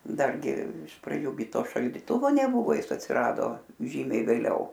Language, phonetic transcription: Lithuanian, ˈdargi iš praˈdžių gi ˈto šaldiˈtuvo neˈbuvo ˈjis atsiˈrado ˈžymiai vėˈliau

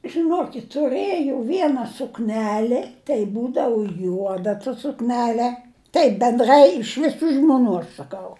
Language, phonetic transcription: Lithuanian, žiˈnokit' tuˈrɘjau ˈviena sukˈneli tai ˈbūdavu ˈjuoda ta sukˈnele ˈtaip benˈdrai iš viˈsų žmuˈnų aš saˈkau

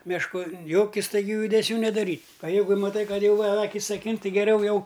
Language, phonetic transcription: Lithuanian, mešˈku ˈjoki staiˈgių judeˈsių nedaˈryt' a ˈjeigu maˈtai ˈkad ˈjau a ˈakis aˈkin ˈti geˈriau ˈjau

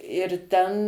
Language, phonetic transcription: Lithuanian, ir ˈten

